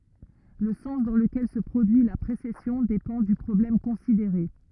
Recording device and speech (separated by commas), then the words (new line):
rigid in-ear microphone, read sentence
Le sens dans lequel se produit la précession dépend du problème considéré.